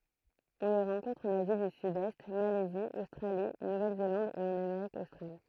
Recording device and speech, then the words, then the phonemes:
throat microphone, read sentence
On les rencontre en Asie du Sud-Est, Malaisie, Australie, Nouvelle-Zélande et en Amérique australe.
ɔ̃ le ʁɑ̃kɔ̃tʁ ɑ̃n azi dy sydɛst malɛzi ostʁali nuvɛlzelɑ̃d e ɑ̃n ameʁik ostʁal

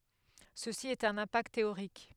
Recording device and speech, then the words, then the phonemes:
headset microphone, read sentence
Ceci est un impact théorique.
səsi ɛt œ̃n ɛ̃pakt teoʁik

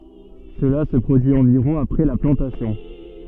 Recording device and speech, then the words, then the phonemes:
soft in-ear microphone, read sentence
Cela se produit environ après la plantation.
səla sə pʁodyi ɑ̃viʁɔ̃ apʁɛ la plɑ̃tasjɔ̃

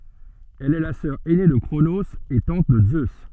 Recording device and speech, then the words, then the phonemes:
soft in-ear microphone, read sentence
Elle est la sœur ainée de Cronos et tante de Zeus.
ɛl ɛ la sœʁ ɛne də kʁonoz e tɑ̃t də zø

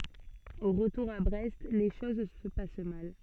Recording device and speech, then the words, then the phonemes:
soft in-ear microphone, read sentence
Au retour à Brest, les choses se passent mal.
o ʁətuʁ a bʁɛst le ʃoz sə pas mal

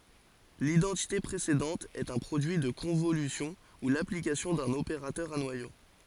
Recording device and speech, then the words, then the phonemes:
forehead accelerometer, read sentence
L'identité précédente est un produit de convolution, ou l'application d'un opérateur à noyau.
lidɑ̃tite pʁesedɑ̃t ɛt œ̃ pʁodyi də kɔ̃volysjɔ̃ u laplikasjɔ̃ dœ̃n opeʁatœʁ a nwajo

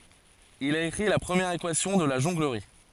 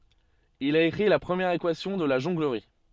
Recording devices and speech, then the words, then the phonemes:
forehead accelerometer, soft in-ear microphone, read sentence
Il a écrit la première équation de la jonglerie.
il a ekʁi la pʁəmjɛʁ ekwasjɔ̃ də la ʒɔ̃ɡləʁi

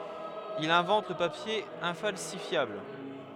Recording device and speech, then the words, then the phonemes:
headset microphone, read sentence
Il invente le papier infalsifiable.
il ɛ̃vɑ̃t lə papje ɛ̃falsifjabl

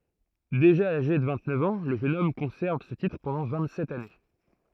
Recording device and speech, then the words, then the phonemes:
throat microphone, read sentence
Déjà âgé de vingt-neuf ans, le jeune homme conserve ce titre pendant vingt-sept années.
deʒa aʒe də vɛ̃ɡtnœf ɑ̃ lə ʒøn ɔm kɔ̃sɛʁv sə titʁ pɑ̃dɑ̃ vɛ̃ɡtsɛt ane

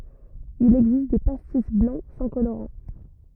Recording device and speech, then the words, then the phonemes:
rigid in-ear microphone, read sentence
Il existe des pastis blancs sans colorant.
il ɛɡzist de pastis blɑ̃ sɑ̃ koloʁɑ̃

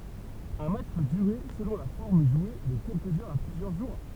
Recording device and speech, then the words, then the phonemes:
temple vibration pickup, read sentence
Un match peut durer, selon la forme jouée, de quelques heures à plusieurs jours.
œ̃ matʃ pø dyʁe səlɔ̃ la fɔʁm ʒwe də kɛlkəz œʁz a plyzjœʁ ʒuʁ

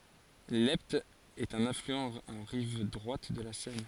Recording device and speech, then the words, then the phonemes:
forehead accelerometer, read sentence
L’Epte est un affluent en rive droite de la Seine.
lɛpt ɛt œ̃n aflyɑ̃ ɑ̃ ʁiv dʁwat də la sɛn

